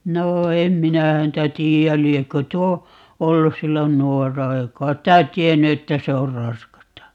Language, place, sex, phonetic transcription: Finnish, Paavola, female, 'noo "em 'minä 'häntä 'tii₍äl 'liekkö "tuo , 'ollus̆ 'sillon "nuorra 'ei kait tä "tienny 'että se or "raskasta .
- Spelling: no en minä häntä tiedä liekö tuo ollut silloin nuorena ei kai sitä tiennyt että se on raskasta

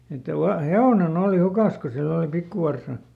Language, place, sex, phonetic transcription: Finnish, Lieto, male, että ˈva- , "he₍òneˈn ‿òli "hukas ko ˈsill ‿oli ˈpikkuvarsa .
- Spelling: että - hevonen oli hukassa kun sillä oli pikkuvarsa

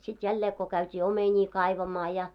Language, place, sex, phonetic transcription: Finnish, Moloskovitsa, female, sit jällee ko käyt́ii "omeńii 'kaivamaa ja .
- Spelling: sitten jälleen kun käytiin omenia kaivamaan ja

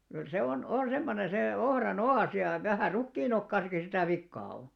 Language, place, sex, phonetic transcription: Finnish, Alastaro, male, kyl se on , 'oo̰ 'semmone sè 'ohra"n ‿o₍às ja , vähä̀r̆ 'rukkiin ‿okkaasaki sitä̀ 'vikkaa o .
- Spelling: kyllä se on on semmoinen se ohran oas ja vähän rukiin okaassakin sitä vikaa on

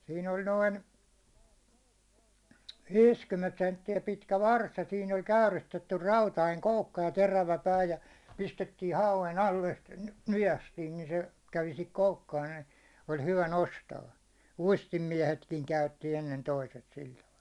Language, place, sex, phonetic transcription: Finnish, Hollola, male, sii'n ‿oĺ 'noin , 'viiskymmcnt sentti₍ä pitkä "vars ja sii'n ‿oĺ 'käyristettyr 'rautaiŋ , 'koukka ja 'terävä 'pää ja , 'pistettii 'hauven 'alle stᴇ , "nyʲästiin ni se , 'kävi sihik 'koukkaan ɴᴀ̈ɪ , ol 'hyvä "nostaa , 'uistim'miɛhetkiŋ 'käytti 'ennen 'toiset 'sil taval .
- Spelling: siinä oli noin viisikymmentä senttiä pitkä varsi ja siinä oli käyristetty rautainen koukka ja terävä pää ja pistettiin hauen alle sitten nykäistiin niin se kävi siihen koukkaan näin oli hyvä nostaa uistinmiehetkin käytti ennen toiset sillä tavalla

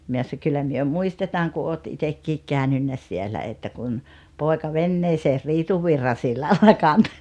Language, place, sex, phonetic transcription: Finnish, Rautalampi, female, 'myö sa- » 'kyllä myö "muistetaaŋ ku oot 'itekkiik 'kä̀önynnä 'sielä että kun , 'pòeka "venneeseer "Riituvvirra sillalla kanto « .
- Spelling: me - kyllä me muistetaan kun olet itsekin käynyt siellä että kun poika veneeseen Riitunvirran sillalla kantoi

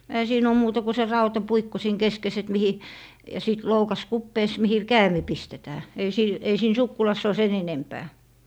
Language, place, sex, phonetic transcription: Finnish, Lappee, female, ehä 'siin ‿oo 'muuta ku se 'rauta"puikko siin "keskes et 'mihi , ja 'sìt 'loukas "kuppees mihi "käämi 'pistetää , ei 'siin , ei 'siin "sukkulass ‿oo 'sen enempää .
- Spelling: eihän siinä ole muuta kuin se rautapuikko siinä keskessä että mihin ja sitten loukas kupeessa mihin käämi pistetään ei siinä ei siinä sukkulassa ole sen enempää

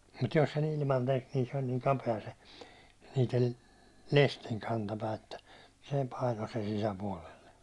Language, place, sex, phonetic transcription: Finnish, Hollola, male, mut 'jos se'n ‿ilman 'tek niin se oĺ niiŋ 'kape₍a se , niitel "lestiŋ kantapää että , 'se 'paino sen sisä'puålelle .
- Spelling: mutta jos sen ilman teki niin se oli niin kapea se niiden lestin kantapää että se painoi sen sisäpuolelle

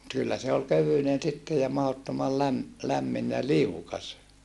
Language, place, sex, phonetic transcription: Finnish, Saarijärvi, male, kyllä se ol kövynen sitte ja mahottomal läm- , lämmin ja liukas .
- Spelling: kyllä se oli kevyinen sitten ja mahdottoman - lämmin ja liukas

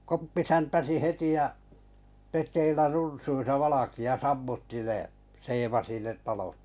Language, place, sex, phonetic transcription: Finnish, Kalajoki, male, 'Koppi 'säntäsi "heti ja , 'pet̀eillä 'runsuisa 'valaki₍a 'sammutti ne , 'seevasi ne 'talot .
- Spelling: Koppi säntäsi heti ja pedeillä runsuissa valkea sammutti ne seevasi ne talot

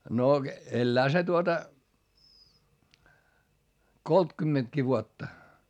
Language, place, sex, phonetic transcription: Finnish, Hietamäki, male, no , ellää se tuota , koltkymmentki vuotta .
- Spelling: no elää se tuota kolmekymmentäkin vuotta

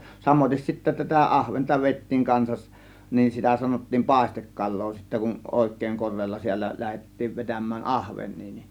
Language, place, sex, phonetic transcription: Finnish, Kiihtelysvaara, male, 'samoⁱtes sittä tätä "ˀahventa vèittiiŋ 'kansaˀ , nin sitä sanot̀tiim "pàėstekkal̆loo sittä kun , 'òèk̆kèĭŋ 'kor̆reella siällä 'lähet̀tiiv 'vetäm̆mään "ahveń̆nii ni .
- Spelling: samoin sitten tätä ahventa vedettiin kanssa niin sitä sanottiin paistekalaa sitten kun oikein korealla säällä lähdettiin vetämään ahvenia niin

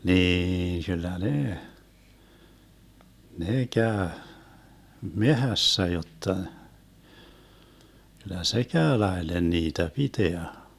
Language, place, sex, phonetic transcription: Finnish, Vermlanti, male, 'niin kyl̆lä 'nee , 'nee 'käö , "mehässä jotta , kyl̆lä "se 'käö 'laelen 'niitä "piteä .
- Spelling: niin kyllä ne ne käy metsässä jotta kyllä se käy laille niitä pitää

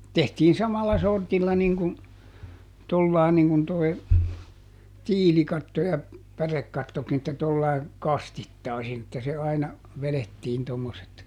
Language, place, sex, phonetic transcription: Finnish, Juupajoki, male, ˈtehtii ˈsamalla ˈsortilla niŋ kun , ˈtollài̮ niŋ kun toi̮ , "tiilikatto ja , ˈpärekkattokin että ˈtollai̮ , "kastittàisin että se ˈaina , ˈvelettiin tommoset .
- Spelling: tehtiin samalla sortilla niin kuin tuolla lailla niin kuin tuo tiilikatto ja pärekattokin että tuolla lailla kastittaisin että se aina vedettiin tuommoiset

